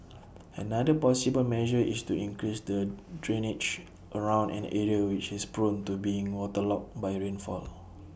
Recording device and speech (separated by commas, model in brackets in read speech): boundary microphone (BM630), read sentence